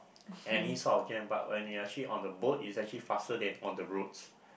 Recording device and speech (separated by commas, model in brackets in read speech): boundary microphone, conversation in the same room